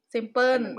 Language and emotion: Thai, neutral